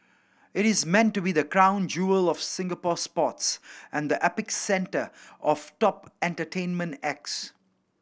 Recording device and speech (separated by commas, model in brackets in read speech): boundary microphone (BM630), read sentence